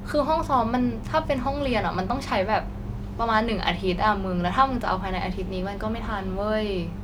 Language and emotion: Thai, frustrated